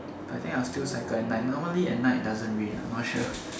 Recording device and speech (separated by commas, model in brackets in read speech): standing microphone, conversation in separate rooms